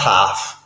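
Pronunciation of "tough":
'Tough' is pronounced incorrectly here, with the wrong vowel sound.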